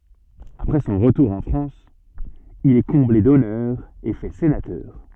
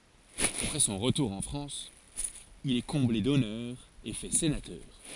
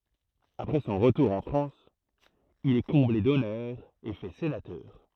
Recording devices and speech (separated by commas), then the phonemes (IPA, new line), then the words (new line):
soft in-ear microphone, forehead accelerometer, throat microphone, read sentence
apʁɛ sɔ̃ ʁətuʁ ɑ̃ fʁɑ̃s il ɛ kɔ̃ble dɔnœʁz e fɛ senatœʁ
Après son retour en France, il est comblé d'honneurs et fait sénateur.